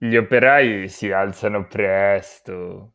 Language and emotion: Italian, disgusted